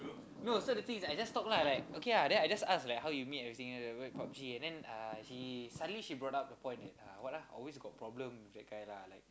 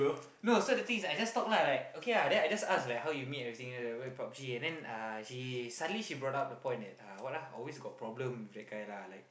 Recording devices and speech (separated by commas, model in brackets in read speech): close-talking microphone, boundary microphone, conversation in the same room